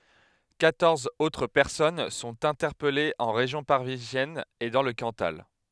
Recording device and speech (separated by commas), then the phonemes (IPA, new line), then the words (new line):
headset microphone, read sentence
kwatɔʁz otʁ pɛʁsɔn sɔ̃t ɛ̃tɛʁpɛlez ɑ̃ ʁeʒjɔ̃ paʁizjɛn e dɑ̃ lə kɑ̃tal
Quatorze autres personnes sont interpellées en région parisienne et dans le Cantal.